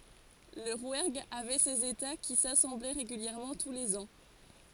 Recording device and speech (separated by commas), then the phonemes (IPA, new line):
forehead accelerometer, read sentence
lə ʁwɛʁɡ avɛ sez eta ki sasɑ̃blɛ ʁeɡyljɛʁmɑ̃ tu lez ɑ̃